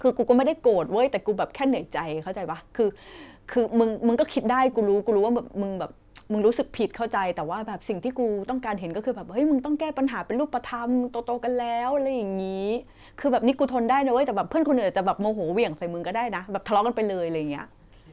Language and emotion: Thai, frustrated